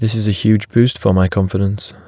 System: none